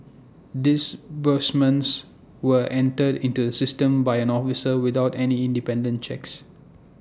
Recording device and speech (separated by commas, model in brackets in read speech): standing microphone (AKG C214), read sentence